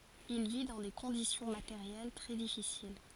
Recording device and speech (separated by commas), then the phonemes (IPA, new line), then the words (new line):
forehead accelerometer, read sentence
il vi dɑ̃ de kɔ̃disjɔ̃ mateʁjɛl tʁɛ difisil
Il vit dans des conditions matérielles très difficiles.